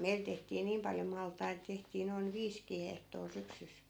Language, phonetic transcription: Finnish, "meil tehtii 'niim paljo 'malt̀ait tehtii noin 'viiskii hehtoo 'syksys .
- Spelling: meillä tehtiin niin paljon maltaita tehtiin noin viisikin hehtoa syksyssä

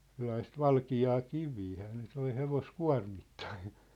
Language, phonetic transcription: Finnish, 'sellaist "valki₍aa "kiviihää ne 'toi 'hevos"kua̭rmittain̬ .
- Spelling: sellaista valkeaa kiveähän ne toi hevoskuormittain

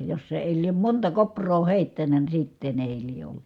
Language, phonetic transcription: Finnish, jos se èi liem monta kopr̀oo hèittänä ni sitten ‿èi lie ollU .
- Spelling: jos se ei lie monta kouraa heittänyt niin sitten ei lie ollut

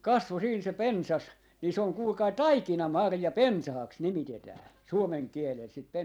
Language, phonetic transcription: Finnish, "kasvo siin se "pensas , nii se oŋ 'kuulkai "taikinamarja"pensahaks 'nimitetää , 'suomeŋ 'kielel sit pen - .
- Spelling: kasvoi siinä se pensas niin se on kuulkaa taikinamarjapensaaksi nimitetään suomen kielellä sitä -

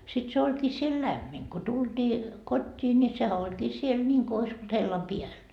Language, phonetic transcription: Finnish, sit se oĺkii siel "lämmin , ko 'tultii , 'kot́t́ii ńi 'sehä 'oĺkii 'siel ńiŋko ois ‿olt 'hellam "piäl .
- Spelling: sitten se olikin siellä lämmin kun tultiin kotiin niin sehän olikin siellä niin kuin olisi ollut hellan päällä

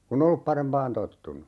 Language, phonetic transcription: Finnish, ku"n ‿[ei] ollup 'parempaan 'tottunu .
- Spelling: kun ei ollut parempaan tottunut

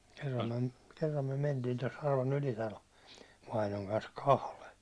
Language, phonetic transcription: Finnish, kerram myäₒ kerram myäₒ men- tiin ton (Sarvan) 'Ylitalo , 'vainoŋ kans "kahle .
- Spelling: kerran me kerran me - mentiin tuon Sarvan Ylitalo vainajan kanssa kahden

